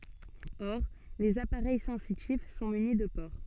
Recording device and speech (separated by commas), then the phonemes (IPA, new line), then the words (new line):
soft in-ear microphone, read sentence
ɔʁ lez apaʁɛj sɑ̃sitif sɔ̃ myni də poʁ
Or, les appareils sensitifs sont munis de pores.